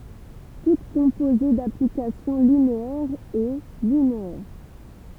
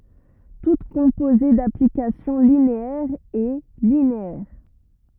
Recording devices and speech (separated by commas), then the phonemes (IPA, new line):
temple vibration pickup, rigid in-ear microphone, read sentence
tut kɔ̃poze daplikasjɔ̃ lineɛʁz ɛ lineɛʁ